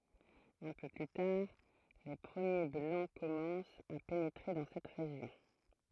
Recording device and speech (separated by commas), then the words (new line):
throat microphone, read sentence
Un peu plus tard, les premiers Blancs commencent à pénétrer dans cette région.